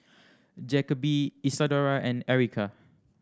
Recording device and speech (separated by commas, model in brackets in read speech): standing microphone (AKG C214), read sentence